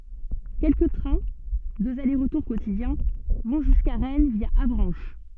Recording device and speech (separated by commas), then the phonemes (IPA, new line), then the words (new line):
soft in-ear microphone, read sentence
kɛlkə tʁɛ̃ døz ale ʁətuʁ kotidjɛ̃ vɔ̃ ʒyska ʁɛn vja avʁɑ̃ʃ
Quelques trains — deux allers-retours quotidiens — vont jusqu'à Rennes via Avranches.